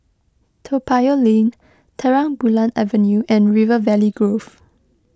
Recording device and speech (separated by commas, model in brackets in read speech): close-talking microphone (WH20), read sentence